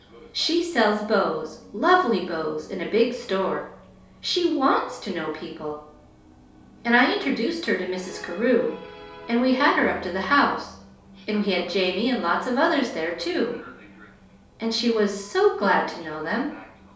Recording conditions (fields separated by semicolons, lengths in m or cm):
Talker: one person; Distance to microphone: 3.0 m; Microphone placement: far; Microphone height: 1.8 m; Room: small (3.7 m by 2.7 m); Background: television